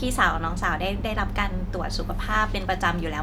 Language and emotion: Thai, neutral